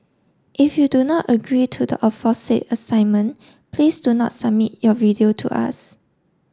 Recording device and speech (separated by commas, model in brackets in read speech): standing microphone (AKG C214), read sentence